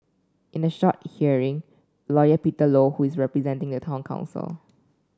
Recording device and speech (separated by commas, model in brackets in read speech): standing microphone (AKG C214), read sentence